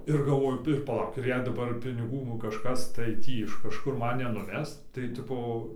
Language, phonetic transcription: Lithuanian, ir galˈvoju ir paˈlauk ir jei daˈbar piniˈgų nu kažˈkas tai ˈtį iš kažˈkur ˈman nenuˈves tai ˈtipo

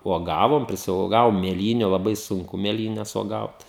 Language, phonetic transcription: Lithuanian, uoˈgavom prisiuoˈgavom mėˈlyniu laˈbai sunˈku mėˈlynes uoˈgaut

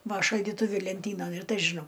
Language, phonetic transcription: Lithuanian, ˈva šaldyˈtuvi lenˈtynan ir ˈtai žiˈnau

